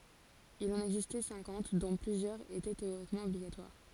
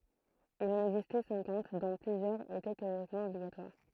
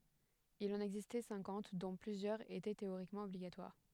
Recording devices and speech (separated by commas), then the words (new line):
forehead accelerometer, throat microphone, headset microphone, read sentence
Il en existait cinquante dont plusieurs étaient théoriquement obligatoires.